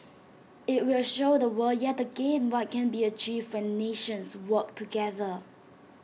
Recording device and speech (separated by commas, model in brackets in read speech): mobile phone (iPhone 6), read sentence